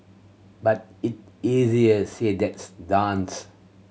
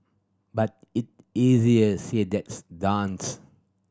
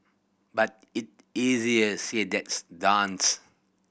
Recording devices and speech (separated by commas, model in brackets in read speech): mobile phone (Samsung C7100), standing microphone (AKG C214), boundary microphone (BM630), read sentence